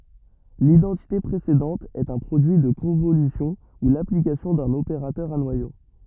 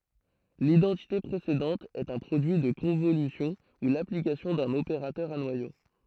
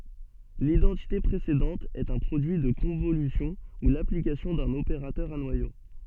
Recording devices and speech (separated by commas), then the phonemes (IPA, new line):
rigid in-ear microphone, throat microphone, soft in-ear microphone, read sentence
lidɑ̃tite pʁesedɑ̃t ɛt œ̃ pʁodyi də kɔ̃volysjɔ̃ u laplikasjɔ̃ dœ̃n opeʁatœʁ a nwajo